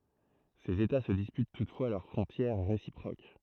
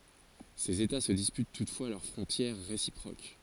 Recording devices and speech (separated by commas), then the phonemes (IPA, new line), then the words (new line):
throat microphone, forehead accelerometer, read sentence
sez eta sə dispyt tutfwa lœʁ fʁɔ̃tjɛʁ ʁesipʁok
Ces états se disputent toutefois leurs frontières réciproques.